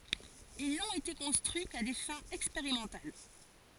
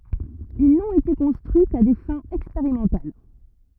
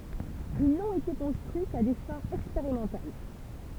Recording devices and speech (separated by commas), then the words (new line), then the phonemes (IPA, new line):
forehead accelerometer, rigid in-ear microphone, temple vibration pickup, read sentence
Ils n'ont été construits qu'à des fins expérimentales.
il nɔ̃t ete kɔ̃stʁyi ka de fɛ̃z ɛkspeʁimɑ̃tal